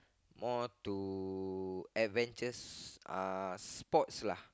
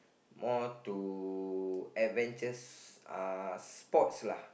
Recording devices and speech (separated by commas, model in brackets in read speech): close-talking microphone, boundary microphone, conversation in the same room